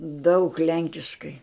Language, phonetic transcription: Lithuanian, daug ˈlenkiškai

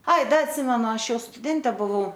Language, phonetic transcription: Lithuanian, ˈai ˈda atˈsimenu ˈašˈjau stuˈdente buˈvau

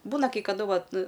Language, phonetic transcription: Lithuanian, ˈbūna kai kaˈdu ˈvat

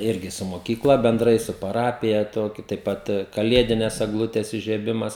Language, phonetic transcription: Lithuanian, ˈirgi su moˈkykla benˈdrai su paˈrapija ˈtokiu taip ˈpat kaˈliedines egˈlutes ižieˈbimas

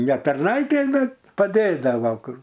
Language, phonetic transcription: Lithuanian, ne tarˈnaitė ˈbet paˈdėdava ˈkur

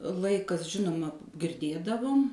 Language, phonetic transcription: Lithuanian, ˈlaikas ˈžinuma girˈdėdavum

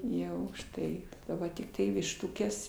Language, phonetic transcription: Lithuanian, ˈjau užˈtai ˈva tikˈtai višˈtukes

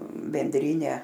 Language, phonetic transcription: Lithuanian, benˈdryne

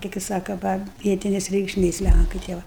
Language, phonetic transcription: Lithuanian, kai kai ˈsaka ˈva ˈvietines reikšˈmės ˈlænkai tie ˈva

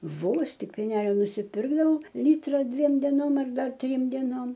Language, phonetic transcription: Lithuanian, ˈvos ˈtik pėˈnelio nusiˈpirkdavau ˈlytra ˈdviem deˈnom ar ˈdar ˈtrym deˈnom

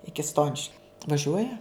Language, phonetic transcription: Lithuanian, ˈiki ˈstoniškiu vaˈžiuoja

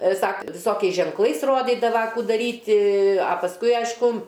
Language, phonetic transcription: Lithuanian, ˈsak viˈsokiais ženkˈlais ˈrodydava ˈkų daˈryti a pasˈkui ˈaišku

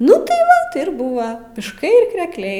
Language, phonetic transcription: Lithuanian, ˈnu tai ˈva ti ir ˈbūva mišˈkai ir krekˈliai

